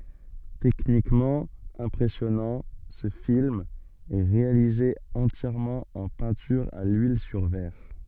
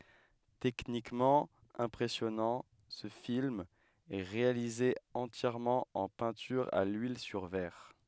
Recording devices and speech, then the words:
soft in-ear microphone, headset microphone, read sentence
Techniquement impressionnant, ce film est réalisé entièrement en peinture à l'huile sur verre.

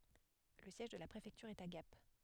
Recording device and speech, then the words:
headset microphone, read sentence
Le siège de la préfecture est à Gap.

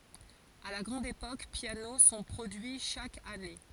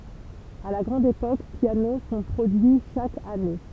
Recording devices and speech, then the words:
forehead accelerometer, temple vibration pickup, read sentence
À la grande époque, pianos sont produits chaque année.

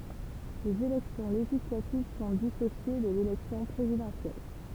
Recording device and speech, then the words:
temple vibration pickup, read sentence
Les élections législatives sont dissociées de l'élection présidentielle.

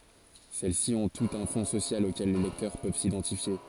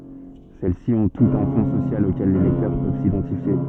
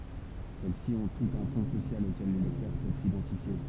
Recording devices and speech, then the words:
forehead accelerometer, soft in-ear microphone, temple vibration pickup, read sentence
Celles-ci ont toutes un fond social auquel les lecteurs peuvent s’identifier.

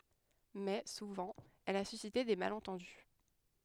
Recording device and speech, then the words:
headset microphone, read sentence
Mais, souvent, elle a suscité des malentendus.

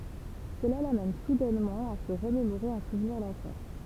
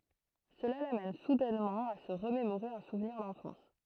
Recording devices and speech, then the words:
temple vibration pickup, throat microphone, read sentence
Cela l'amène soudainement à se remémorer un souvenir d'enfance.

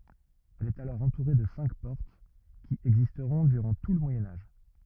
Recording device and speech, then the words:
rigid in-ear microphone, read sentence
Elle est alors entourée de cinq portes, qui existeront durant tout le Moyen Âge.

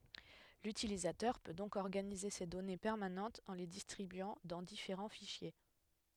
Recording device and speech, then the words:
headset microphone, read sentence
L'utilisateur peut donc organiser ses données permanentes en les distribuant dans différents fichiers.

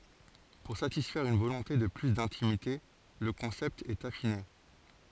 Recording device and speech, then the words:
forehead accelerometer, read sentence
Pour satisfaire une volonté de plus d'intimité, le concept est affiné.

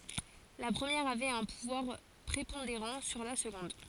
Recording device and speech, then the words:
forehead accelerometer, read sentence
La première avait un pouvoir prépondérant sur la seconde.

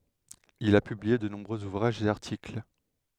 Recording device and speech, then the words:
headset microphone, read sentence
Il a publié de nombreux ouvrages et articles.

